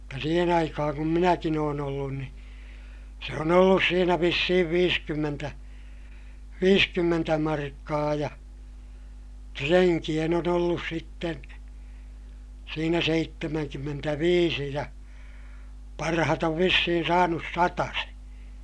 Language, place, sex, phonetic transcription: Finnish, Ilmajoki, male, mutta siihen ‿aikahaŋ kum minäkin ‿oon ‿ollun ni , se on ‿ollus siinä vissihiv viiskymmentä , viiskymmentä markkaa ja , treŋkiʲen on ‿ollus sitten̬ , siinä seittemäŋkymmentäviisi ja , parahat ‿ov vissihin saanus sataseè .
- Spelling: mutta siihen aikaan kun minäkin olen ollut niin se on ollut siinä vissiin viisikymmentä viisikymmentä markkaa ja renkien on ollut sitten siinä seitsemänkymmentäviisi ja parhaat on vissiin saanut satasen

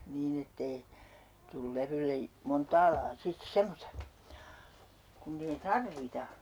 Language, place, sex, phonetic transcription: Finnish, Urjala, female, 'niin ‿ettei , tul 'levylle , "montaa laa 'sit "semmosta , kunn ‿ei "tarvita .
- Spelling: niin että ei tule levylle montaa lajia sitten semmoista kun ei tarvita

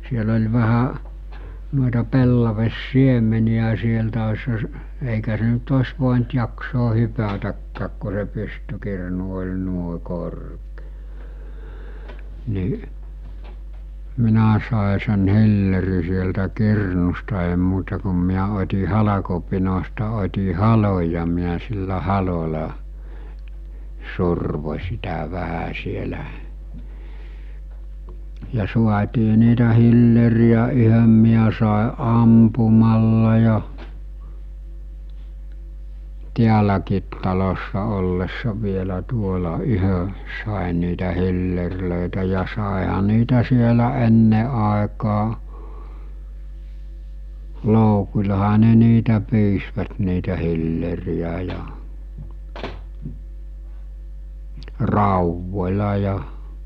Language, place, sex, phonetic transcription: Finnish, Mikkeli, male, siel ‿oĺ vähä , nuoᵉta 'pellaves'siemeni₍ä sieltä osha s- , èikä se nyt 'os̜ vòint jaksoo hypätäkkääk ko se 'pystykirnu oĺ nuoᵉ korkᴇᴇ , ni , 'minä sàe sen 'hilleri sieltä 'kirnusta èi muuta kum miä ot̜i 'halakopinosta ot̜i 'haloj ja miä sillä 'halola , 'survo͕ sitä 'vähä sielä , ja suatii niitä 'hilleri₍ä yhöm miä sàe '’ampumalla ja , 'tiäläkiit talossa ollessa 'vielä 'tuola 'yhö , sàen̆ niitä 'hillerlö̀etä ja sàeha niitä sielä 'enne àekaa , 'lòukuĺaha ne niitä 'pys-vät niitä hilleri₍ä ja , 'ràuvvoĺa ja ,.
- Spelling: siellä oli vähän noita pellavansiemeniä sieltä olisihan - eikä se nyt olisi voinut jaksaa hypätäkään kun se pystykirnu oli noin korkea niin minä sain sen hillerin sieltä kirnusta ei muuta kuin minä otin halkopinosta otin halon ja minä sillä halolla survoin sitä vähän siellä ja saatiin niitä hillereitä yhden minä sain ampumalla ja täälläkin talossa ollessa vielä tuolla yhden sain niitä hillereitä ja saihan niitä siellä ennen aikaan loukullahan ne niitä pyysivät niitä hillereitä ja raudoilla ja

